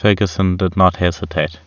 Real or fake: real